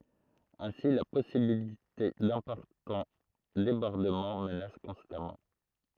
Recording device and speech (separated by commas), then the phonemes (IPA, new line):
throat microphone, read sentence
ɛ̃si la pɔsibilite dɛ̃pɔʁtɑ̃ debɔʁdəmɑ̃ mənas kɔ̃stamɑ̃